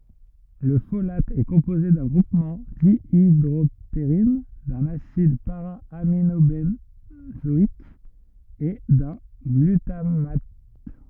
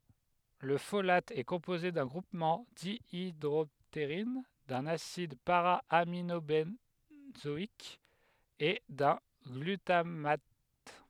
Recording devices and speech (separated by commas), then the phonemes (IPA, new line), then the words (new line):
rigid in-ear microphone, headset microphone, read sentence
lə folat ɛ kɔ̃poze dœ̃ ɡʁupmɑ̃ djidʁɔpteʁin dœ̃n asid paʁaaminobɑ̃zɔik e dœ̃ ɡlytamat
Le folate est composé d'un groupement dihydroptérine, d'un acide para-aminobenzoïque et d'un glutamate.